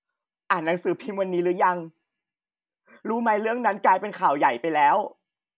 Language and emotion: Thai, sad